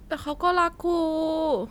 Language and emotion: Thai, happy